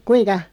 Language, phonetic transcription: Finnish, kuiŋka ?
- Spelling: kuinka

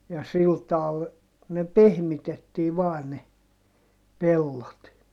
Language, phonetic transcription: Finnish, ja sil taal , ne pehmitettii vaan ne , pellot .
- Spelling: ja sillä tavalla ne pehmitettiin vain ne pellot

